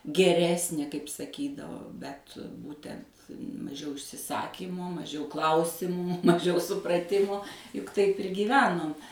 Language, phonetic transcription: Lithuanian, geˈresnė kaip saˈkydavo ˈbet ˈbūtent maˈžiau išsiˈsakymo maˈžiau ˈklausimų maˈžiau supraˈtimo juk ˈtaip ir gyˈvenom

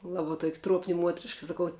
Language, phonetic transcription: Lithuanian, ˈlaba tuok' ˈtruopni ˈmuotriška saˈkau

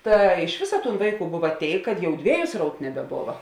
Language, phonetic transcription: Lithuanian, ˈta iš ˈvėsa ˈtūn ˈvaiˌkų ˈbuva ˈtėik kad ˈjau ˈdvėju ˈsraut nebeˈbova

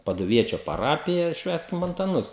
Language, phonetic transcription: Lithuanian, paduˈviečio paˈrapija ˈšvęskim antaˈnus

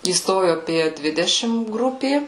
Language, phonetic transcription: Lithuanian, įˈstoju aˈpie ˈdvidešim ˈgrupė

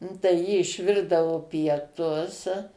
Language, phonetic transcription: Lithuanian, nu tai ˈji išˈvirdavo pieˈtus

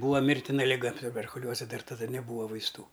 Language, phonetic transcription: Lithuanian, ˈbūa ˈmirtina liˈga tuberkuˈliuoze ˈdar taˈda neˈbūva vaisˈtų

